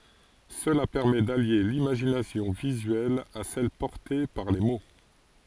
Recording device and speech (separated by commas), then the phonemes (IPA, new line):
forehead accelerometer, read sentence
səla pɛʁmɛ dalje limaʒinasjɔ̃ vizyɛl a sɛl pɔʁte paʁ le mo